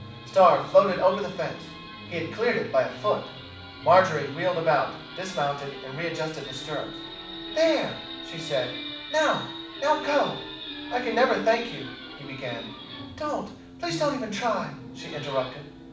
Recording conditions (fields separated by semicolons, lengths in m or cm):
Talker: one person; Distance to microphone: 5.8 m; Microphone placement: far; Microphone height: 1.8 m; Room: medium-sized (5.7 m by 4.0 m); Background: television